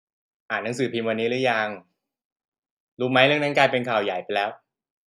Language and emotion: Thai, neutral